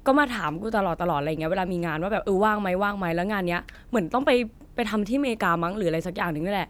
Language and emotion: Thai, neutral